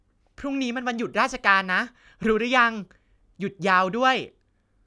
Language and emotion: Thai, happy